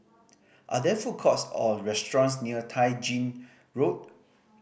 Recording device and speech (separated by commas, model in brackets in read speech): boundary microphone (BM630), read sentence